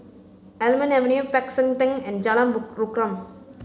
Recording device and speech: mobile phone (Samsung C5), read sentence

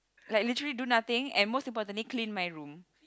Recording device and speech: close-talking microphone, conversation in the same room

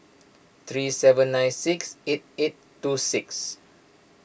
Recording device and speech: boundary microphone (BM630), read sentence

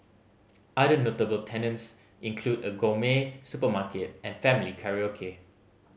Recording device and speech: mobile phone (Samsung C5010), read sentence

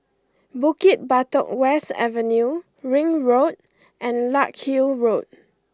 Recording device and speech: close-talking microphone (WH20), read sentence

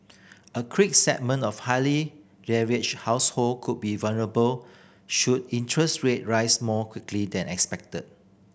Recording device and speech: boundary microphone (BM630), read sentence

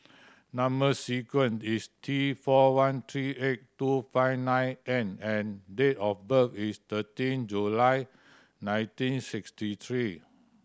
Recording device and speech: standing microphone (AKG C214), read sentence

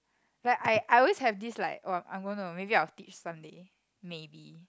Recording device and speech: close-talking microphone, conversation in the same room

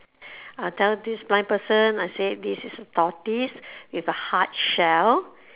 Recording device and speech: telephone, conversation in separate rooms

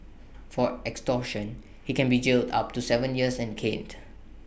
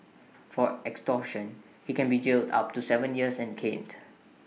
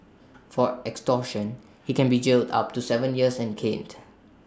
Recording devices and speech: boundary microphone (BM630), mobile phone (iPhone 6), standing microphone (AKG C214), read sentence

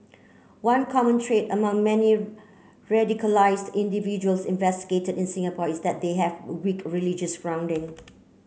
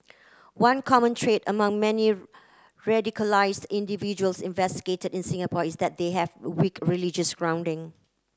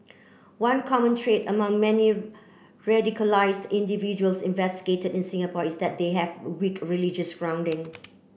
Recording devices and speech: mobile phone (Samsung C9), close-talking microphone (WH30), boundary microphone (BM630), read sentence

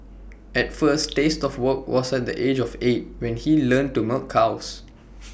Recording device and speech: boundary microphone (BM630), read sentence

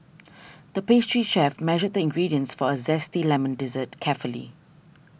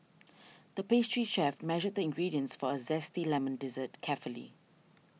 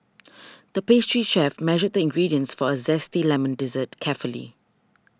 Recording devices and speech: boundary microphone (BM630), mobile phone (iPhone 6), standing microphone (AKG C214), read sentence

